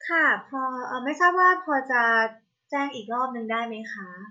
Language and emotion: Thai, neutral